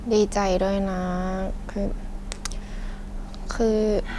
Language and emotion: Thai, frustrated